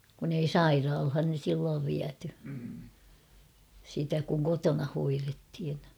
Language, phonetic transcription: Finnish, kun ‿ei "sairaalhan̬ 'silloov viäty , sitä kuŋ 'kotona hoirethin .
- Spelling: kun ei sairaalaan silloin viety sitä kun kotona hoidettiin

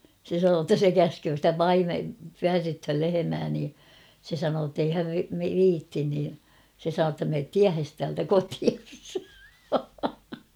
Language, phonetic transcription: Finnish, se sanoo ‿ttä 'se "käsköö stä "paime- 'pyärrythöl 'lehemää nii , se sanoo ‿ttei 'häv "viittin nii , se 'sanoo ‿tta » meet "tiähes täältä 'kotias ! «
- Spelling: se sanoi että se käskee sitä - pyörryttämään lehmää niin se sanoi että ei hän viitsi niin se sanoi jotta mene tiehesi täältä kotiin

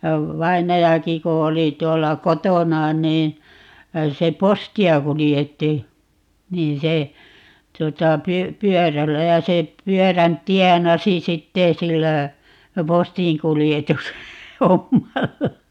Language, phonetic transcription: Finnish, vainajaki ku 'oli 'tuolla "kotona nii , 'se "posti₍a 'kulijetti , 'nii se , 'tᵘota py- , "pyɔ̈̀rällä 'ja se 'pyɔ̈̀rän "tiɛnasi "sitteè 'sillä , "postiḭkulijetus- , '-hommalla .
- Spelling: vainajakin kun oli tuolla kotona niin se postia kuljetti niin se tuota - pyörällä ja se pyörän tienasi sitten sillä - postinkuljetushommalla

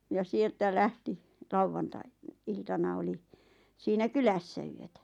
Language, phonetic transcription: Finnish, ja 'sieltä 'lähti , 'lauvvantai- , 'iltana oli , siinä "kylässä yötä .
- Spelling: ja sieltä lähti - lauantai-iltana oli siinä kylässä yötä

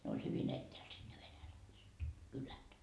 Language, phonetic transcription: Finnish, ne oĺ 'hyvin ‿ettääl siD ne 'venäläiset , "kylät .
- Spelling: ne oli hyvin etäällä sitten ne venäläiset kylät

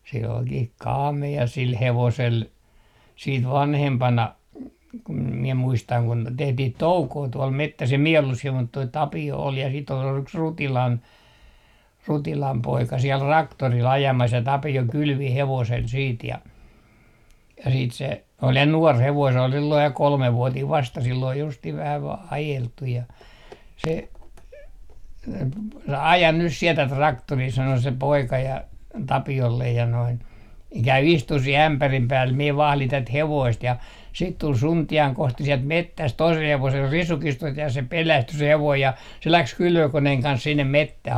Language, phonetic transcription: Finnish, se olkih "kaame₍a sil 'hevosel , siit "vanhempana , kum miɛ 'muistaŋ kun 'tehtih "toukoo tuol 'mettäs em mie ollus siel mut toi "Tapi₍o ol ja sit ‿ol yks R - 'Rutilan , "Rutilam 'poika siel "raktoril 'ajamas ja 'Tapi₍o "kylvi 'hevosel siit ja , ja siit se , ol 'ja "nuɔr 'hevoin se ol silloij ja "kolmevvuatiiv 'vasta sill ‿ol justih 'vähä 'vaa "ajelt̀uj ja , se , » "ajan 'nys 'siɛ 'tät "raktorii » 'sano se "poika ja , "Tapi₍ollej ja noin , » "käy 'istuh 'sih ‿ämpärim 'pääl mie 'vahlin 'tät "hevoist » ja siit 'tul "Sunti₍aŋ 'Kosti 'siɛlt "mettäst toisel hevosel risukistost ja se "pelästy 'se 'hevoij ja , se 'läks "kylvökoneheŋ 'kans 'sinnem 'mettäh .
- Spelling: se olikin kaamea sillä hevosella sitten vanhempana kun minä muistan kun tehtiin toukoa tuolla metsässä en minä ollut siellä mutta tuo Tapio oli ja sitten oli yksi - Rutilan Rutilan poika siellä traktorilla ajamassa ja Tapio kylvi hevosella sitten ja ja sitten se oli ja nuori hevonen se oli silloin ja kolmevuotinen vasta sillä oli justiin vähän vain ajeltu ja se aja nyt sinä tätä traktoria sanoi se poika ja Tapiolle ja noin käy istumaan siihen ämpärin päälle minä vahdin tätä hevosta ja sitten tuli Suntian Kosti sieltä metsästä toisella hevosella risukistosta ja se pelästyi se hevonen ja se lähti kylvökoneen kanssa sinne metsään

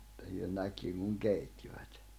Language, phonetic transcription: Finnish, [et]tä hyö 'näkkiŋ kuŋ 'keittivät .
- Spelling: että he näki kun keittivät

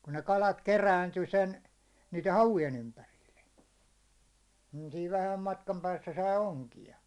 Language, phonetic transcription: Finnish, kun ne 'kalat "keräinty 'sen , niite 'havujen 'ympärille , nii siiv 'vähäm matkam päässä sai "oŋki₍a .
- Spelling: kun ne kalat kerääntyi sen niiden havujen ympärille niin siinä vähän matkan päässä sai onkia

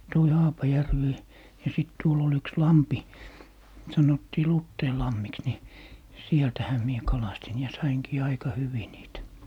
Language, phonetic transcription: Finnish, toi "Haapajärvi , ja 'sìt 'tuol ‿ol 'yks "lampi , 'sanottii "Lutteilammiks ni , "sieltähä mie 'kalastin ja 'saiŋkii 'aika 'hyvi niitä .
- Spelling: toi Haapajärvi ja sitten tuolla oli yksi lampi sanottiin Luteinlammiksi niin sieltähän minä kalastin ja sainkin aika hyvin niitä

